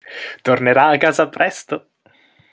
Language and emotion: Italian, happy